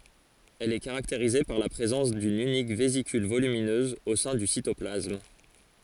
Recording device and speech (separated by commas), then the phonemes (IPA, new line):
forehead accelerometer, read sentence
ɛl ɛ kaʁakteʁize paʁ la pʁezɑ̃s dyn ynik vezikyl volyminøz o sɛ̃ dy sitɔplasm